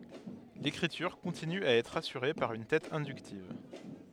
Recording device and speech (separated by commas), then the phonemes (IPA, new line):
headset microphone, read sentence
lekʁityʁ kɔ̃tiny a ɛtʁ asyʁe paʁ yn tɛt ɛ̃dyktiv